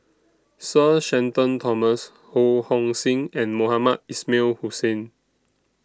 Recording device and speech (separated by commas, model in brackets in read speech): standing microphone (AKG C214), read sentence